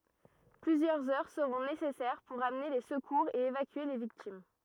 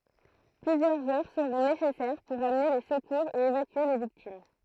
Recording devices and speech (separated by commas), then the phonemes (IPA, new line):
rigid in-ear microphone, throat microphone, read sentence
plyzjœʁz œʁ səʁɔ̃ nesɛsɛʁ puʁ amne le səkuʁz e evakye le viktim